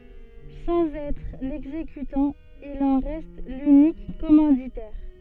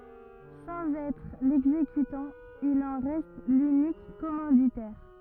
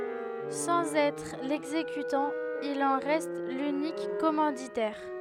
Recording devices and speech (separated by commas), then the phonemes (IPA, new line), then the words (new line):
soft in-ear microphone, rigid in-ear microphone, headset microphone, read sentence
sɑ̃z ɛtʁ lɛɡzekytɑ̃ il ɑ̃ ʁɛst lynik kɔmɑ̃ditɛʁ
Sans être l'exécutant, il en reste l'unique commanditaire.